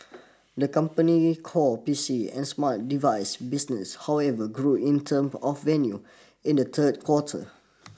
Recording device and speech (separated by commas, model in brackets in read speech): standing microphone (AKG C214), read sentence